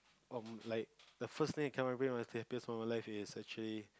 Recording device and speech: close-talking microphone, conversation in the same room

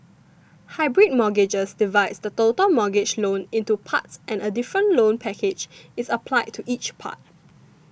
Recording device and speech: boundary microphone (BM630), read sentence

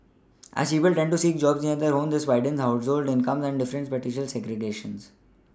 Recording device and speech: standing microphone (AKG C214), read sentence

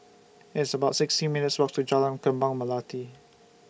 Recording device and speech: boundary microphone (BM630), read sentence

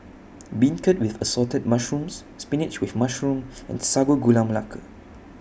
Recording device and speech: boundary microphone (BM630), read sentence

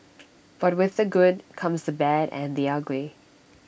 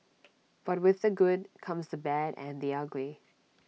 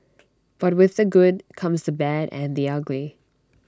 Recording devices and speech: boundary microphone (BM630), mobile phone (iPhone 6), standing microphone (AKG C214), read sentence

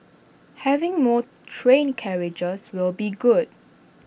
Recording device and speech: boundary microphone (BM630), read sentence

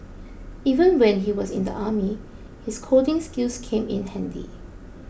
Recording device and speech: boundary microphone (BM630), read sentence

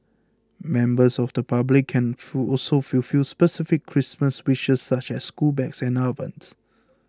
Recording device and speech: close-talking microphone (WH20), read sentence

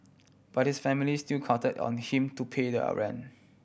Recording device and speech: boundary microphone (BM630), read sentence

